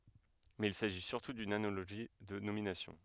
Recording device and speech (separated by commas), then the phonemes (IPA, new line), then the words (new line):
headset microphone, read sentence
mɛz il saʒi syʁtu dyn analoʒi də nominasjɔ̃
Mais il s'agit surtout d'une analogie de nomination.